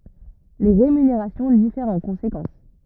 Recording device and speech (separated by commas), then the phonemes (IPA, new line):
rigid in-ear microphone, read sentence
le ʁemyneʁasjɔ̃ difɛʁt ɑ̃ kɔ̃sekɑ̃s